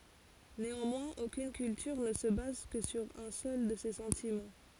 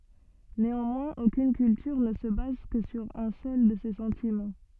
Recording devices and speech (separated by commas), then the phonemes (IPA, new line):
forehead accelerometer, soft in-ear microphone, read sentence
neɑ̃mwɛ̃z okyn kyltyʁ nə sə baz kə syʁ œ̃ sœl də se sɑ̃timɑ̃